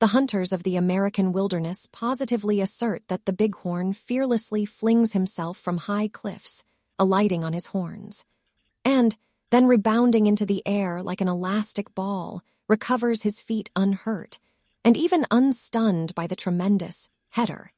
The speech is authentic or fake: fake